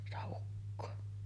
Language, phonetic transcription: Finnish, 'sitä ukkoo .
- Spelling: sitä ukkoa

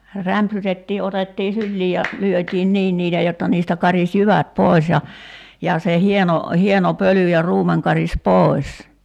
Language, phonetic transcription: Finnish, 'rämpsytettii otettii 'syllii ja , 'lyöt́iin "niin niitä 'jotta niistä 'karis "jyvät 'pòis ja , 'ja se 'hieno , 'hieno "pöly ja 'ruumeŋ karis "pòi̬s .
- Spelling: rämpsytettiin otettiin syliin ja lyötiin niin niitä jotta niistä karisi jyvät pois ja ja se hieno hieno pöly ja ruumen karisi pois

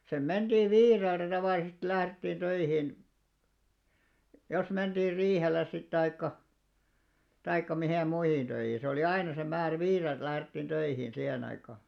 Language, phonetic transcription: Finnish, sem 'menᴅii "viireltä tavàlisest 'lährettiin 'töihìn , jos 'menᴅiir "riihelles sit taikka , taikka 'mihèm 'muihin ᴅöihii 'se oli "aina se 'määrä "viirelt lährettiin 'töihiin 'sihen ‿aikà .
- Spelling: sinne mentiin viideltä tavallisesti lähdettiin töihin jos mentiin riihelle sitten tai tai miten muihin töihin se oli aina se määrä viideltä lähdettiin töihin siihen aikaan

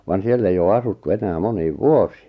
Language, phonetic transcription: Finnish, van 'siell ‿ei oo 'asuttu 'enää 'moniiv "vuosɪɪ .
- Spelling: vaan siellä ei ole asuttu enää moniin vuosiin

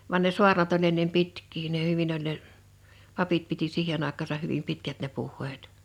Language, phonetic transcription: Finnish, van ne 'su̬arnat oĺ ennem 'pitk̀ii ne 'hyvin ‿oĺ ne , 'papit piti 'siihen ‿àek̆kaasah hyvim 'pitkät ne 'puh̆heet .
- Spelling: vaan ne saarnat oli ennen pitkiä ne hyvin oli ne papit piti siihen aikaansa hyvin pitkät ne puheet

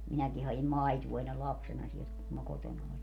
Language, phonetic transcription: Finnish, 'minäki ha₍im "maituo ennel 'lapsena sielt , kum ma "kotona oĺi .
- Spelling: minäkin hain maitoa ennen lapsena sieltä kun minä kotona olin

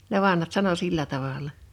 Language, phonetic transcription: Finnish, ne 'vanhat 'sano "sillä 'taval̀a .
- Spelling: ne vanhat sanoi sillä tavalla

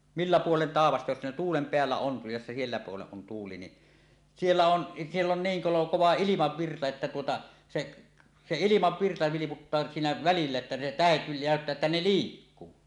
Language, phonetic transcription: Finnish, millä "puolen 'tàevasta jos ne 'tuulem 'peällä "on , jos se siellä puolen on tuuli ni , "siellä 'on , 'siell ‿on 'niiŋ kolo , 'kova "ilimavvirta että tuota , seˀ , 'se "ilimavvirta 'viliputtaa siinä välillä että ne "tähet 'nä̀öttää että ne "liikkuu .
- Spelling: millä puolen taivasta jos ne tuulen päällä on jos se siellä puolen on tuuli niin siellä on siellä on niin kolo kova ilmavirta että tuota se se ilmavirta vilputtaa siinä välillä että ne tähdet näyttää että ne liikkuu

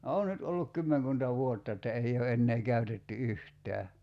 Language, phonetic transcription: Finnish, 'oo nyt olluk "kymmeŋkunta 'vuotta että 'ei o 'ennee 'käytetty "yht̀ää .
- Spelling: on nyt ollut kymmenkunta vuotta että ei ole enää käytetty yhtään

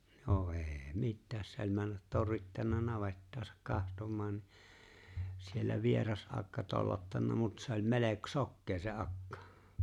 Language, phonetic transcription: Finnish, no '’ê̬̂ "mittääs se ‿oĺ 'männät 'torrittanna 'navettaasak 'kahtom̆maan ni , siellä 'vieras '’akka 'tollottanna mut se ‿o͕ĺ 'melek- "sokkee se "akkᴀ .
- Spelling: no ei mitään se oli mennä torrittanut navettaansa katsomaan niin siellä vieras akka tollottanut mutta se oli - sokea se akka

